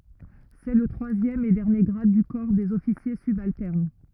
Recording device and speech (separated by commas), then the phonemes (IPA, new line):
rigid in-ear microphone, read sentence
sɛ lə tʁwazjɛm e dɛʁnje ɡʁad dy kɔʁ dez ɔfisje sybaltɛʁn